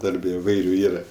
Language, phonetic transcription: Lithuanian, ˈdarbe iˈvairiu ˈyra

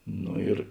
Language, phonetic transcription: Lithuanian, ˈno ir

